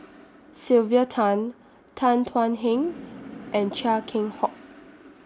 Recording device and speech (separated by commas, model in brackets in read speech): standing microphone (AKG C214), read sentence